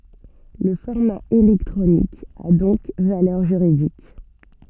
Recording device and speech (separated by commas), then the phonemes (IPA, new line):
soft in-ear microphone, read sentence
lə fɔʁma elɛktʁonik a dɔ̃k valœʁ ʒyʁidik